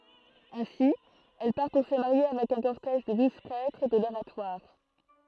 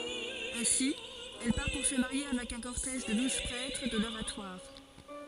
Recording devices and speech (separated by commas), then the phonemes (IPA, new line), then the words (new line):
throat microphone, forehead accelerometer, read sentence
ɛ̃si ɛl paʁ puʁ sə maʁje avɛk œ̃ kɔʁtɛʒ də duz pʁɛtʁ də loʁatwaʁ
Ainsi, elle part pour se marier avec un cortège de douze prêtres de l'Oratoire.